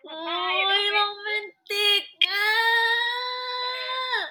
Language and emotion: Thai, happy